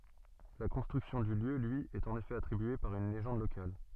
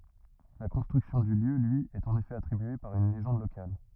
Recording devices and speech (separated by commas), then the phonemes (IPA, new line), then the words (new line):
soft in-ear microphone, rigid in-ear microphone, read sentence
la kɔ̃stʁyksjɔ̃ dy ljø lyi ɛt ɑ̃n efɛ atʁibye paʁ yn leʒɑ̃d lokal
La construction du lieu lui est en effet attribuée par une légende locale.